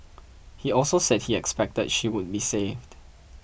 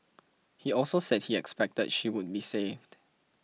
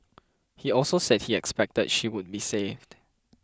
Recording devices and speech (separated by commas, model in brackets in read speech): boundary microphone (BM630), mobile phone (iPhone 6), close-talking microphone (WH20), read sentence